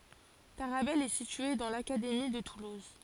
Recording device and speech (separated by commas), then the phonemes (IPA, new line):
forehead accelerometer, read sentence
taʁabɛl ɛ sitye dɑ̃ lakademi də tuluz